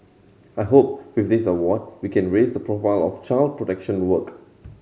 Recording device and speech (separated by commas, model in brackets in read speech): mobile phone (Samsung C7100), read sentence